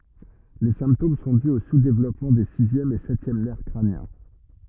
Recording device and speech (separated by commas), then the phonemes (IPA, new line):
rigid in-ear microphone, read sentence
le sɛ̃ptom sɔ̃ dy o suzdevlɔpmɑ̃ de sizjɛm e sɛtjɛm nɛʁ kʁanjɛ̃